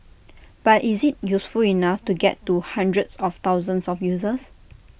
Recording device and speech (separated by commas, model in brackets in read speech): boundary microphone (BM630), read sentence